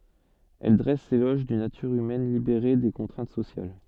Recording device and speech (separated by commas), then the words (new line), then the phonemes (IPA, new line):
soft in-ear microphone, read sentence
Elle dresse l'éloge d'une nature humaine libérée des contraintes sociales.
ɛl dʁɛs lelɔʒ dyn natyʁ ymɛn libeʁe de kɔ̃tʁɛ̃t sosjal